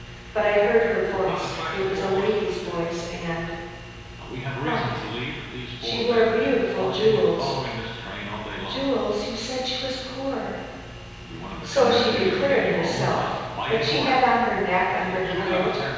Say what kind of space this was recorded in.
A large, very reverberant room.